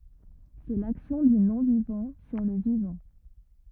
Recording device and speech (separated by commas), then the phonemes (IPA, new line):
rigid in-ear microphone, read sentence
sɛ laksjɔ̃ dy nɔ̃vivɑ̃ syʁ lə vivɑ̃